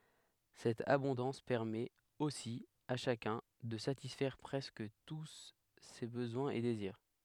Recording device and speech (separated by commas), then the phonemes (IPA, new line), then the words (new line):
headset microphone, read sentence
sɛt abɔ̃dɑ̃s pɛʁmɛt osi a ʃakœ̃ də satisfɛʁ pʁɛskə tu se bəzwɛ̃z e deziʁ
Cette abondance permet, aussi, à chacun, de satisfaire presque tous ses besoins et désirs.